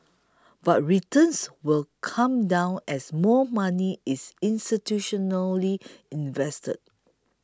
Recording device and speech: close-talking microphone (WH20), read sentence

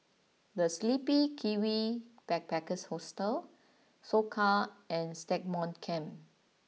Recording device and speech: mobile phone (iPhone 6), read sentence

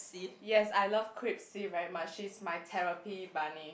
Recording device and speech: boundary microphone, conversation in the same room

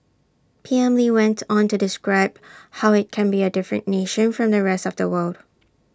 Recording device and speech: standing microphone (AKG C214), read sentence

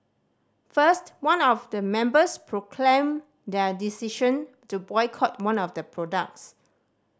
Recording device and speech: standing microphone (AKG C214), read sentence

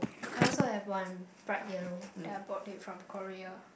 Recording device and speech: boundary microphone, conversation in the same room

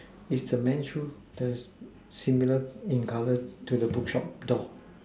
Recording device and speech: standing microphone, conversation in separate rooms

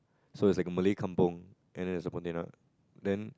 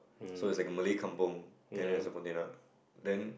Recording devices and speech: close-talking microphone, boundary microphone, conversation in the same room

